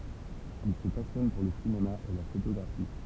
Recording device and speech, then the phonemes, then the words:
temple vibration pickup, read sentence
il sə pasjɔn puʁ lə sinema e la fotoɡʁafi
Il se passionne pour le cinéma et la photographie.

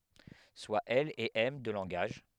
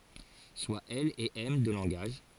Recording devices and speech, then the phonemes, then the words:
headset microphone, forehead accelerometer, read sentence
swa ɛl e ɛm dø lɑ̃ɡaʒ
Soit L et M deux langages.

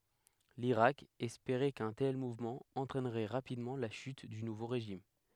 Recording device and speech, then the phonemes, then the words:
headset microphone, read sentence
liʁak ɛspeʁɛ kœ̃ tɛl muvmɑ̃ ɑ̃tʁɛnʁɛ ʁapidmɑ̃ la ʃyt dy nuvo ʁeʒim
L'Irak espérait qu'un tel mouvement entraînerait rapidement la chute du nouveau régime.

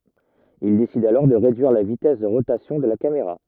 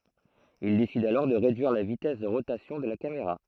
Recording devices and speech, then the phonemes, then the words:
rigid in-ear microphone, throat microphone, read sentence
il desid alɔʁ də ʁedyiʁ la vitɛs də ʁotasjɔ̃ də la kameʁa
Il décide alors de réduire la vitesse de rotation de la caméra.

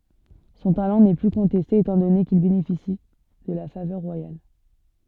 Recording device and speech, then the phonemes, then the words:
soft in-ear microphone, read sentence
sɔ̃ talɑ̃ nɛ ply kɔ̃tɛste etɑ̃ dɔne kil benefisi də la favœʁ ʁwajal
Son talent n'est plus contesté étant donné qu'il bénéficie de la faveur royale.

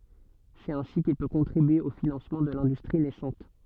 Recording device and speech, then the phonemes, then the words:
soft in-ear microphone, read sentence
sɛt ɛ̃si kil pø kɔ̃tʁibye o finɑ̃smɑ̃ də lɛ̃dystʁi nɛsɑ̃t
C'est ainsi qu'il peut contribuer au financement de l'industrie naissante.

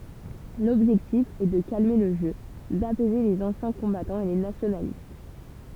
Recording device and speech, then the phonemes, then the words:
temple vibration pickup, read sentence
lɔbʒɛktif ɛ də kalme lə ʒø dapɛze lez ɑ̃sjɛ̃ kɔ̃batɑ̃z e le nasjonalist
L’objectif est de calmer le jeu, d’apaiser les anciens combattants et les nationalistes.

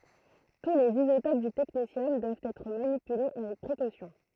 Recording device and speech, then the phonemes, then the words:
throat microphone, read sentence
tu lez izotop dy tɛknesjɔm dwavt ɛtʁ manipyle avɛk pʁekosjɔ̃
Tous les isotopes du technétium doivent être manipulés avec précaution.

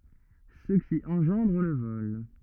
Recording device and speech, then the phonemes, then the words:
rigid in-ear microphone, read sentence
sə ki ɑ̃ʒɑ̃dʁ lə vɔl
Ce qui engendre le vol.

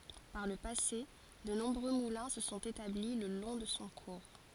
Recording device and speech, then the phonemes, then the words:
forehead accelerometer, read sentence
paʁ lə pase də nɔ̃bʁø mulɛ̃ sə sɔ̃t etabli lə lɔ̃ də sɔ̃ kuʁ
Par le passé, de nombreux moulins se sont établis le long de son cours.

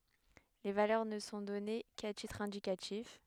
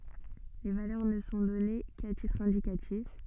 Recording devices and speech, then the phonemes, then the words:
headset microphone, soft in-ear microphone, read sentence
le valœʁ nə sɔ̃ dɔne ka titʁ ɛ̃dikatif
Les valeurs ne sont données qu'à titre indicatif.

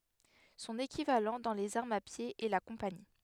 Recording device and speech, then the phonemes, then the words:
headset microphone, read sentence
sɔ̃n ekivalɑ̃ dɑ̃ lez aʁmz a pje ɛ la kɔ̃pani
Son équivalent dans les armes à pied est la compagnie.

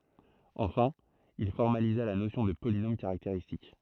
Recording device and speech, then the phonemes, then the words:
throat microphone, read sentence
ɑ̃fɛ̃ il fɔʁmaliza la nosjɔ̃ də polinom kaʁakteʁistik
Enfin, il formalisa la notion de polynôme caractéristique.

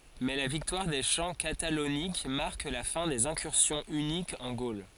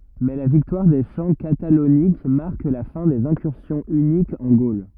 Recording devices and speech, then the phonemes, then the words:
forehead accelerometer, rigid in-ear microphone, read sentence
mɛ la viktwaʁ de ʃɑ̃ katalonik maʁk la fɛ̃ dez ɛ̃kyʁsjɔ̃ ynikz ɑ̃ ɡol
Mais la victoire des champs Catalauniques marque la fin des incursions hunniques en Gaule.

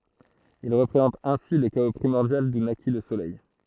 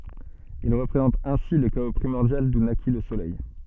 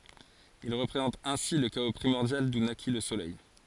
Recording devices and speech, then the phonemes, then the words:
throat microphone, soft in-ear microphone, forehead accelerometer, read sentence
il ʁəpʁezɑ̃tt ɛ̃si lə kao pʁimɔʁdjal du naki lə solɛj
Ils représentent ainsi le chaos primordial d'où naquit le soleil.

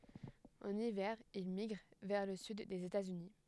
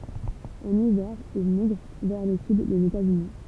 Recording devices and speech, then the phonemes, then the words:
headset microphone, temple vibration pickup, read sentence
ɑ̃n ivɛʁ il miɡʁ vɛʁ lə syd dez etatsyni
En hiver, il migre vers le Sud des États-Unis.

